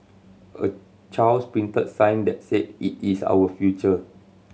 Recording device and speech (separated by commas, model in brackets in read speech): mobile phone (Samsung C7100), read sentence